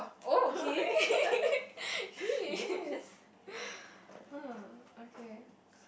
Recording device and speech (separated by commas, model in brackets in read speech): boundary microphone, conversation in the same room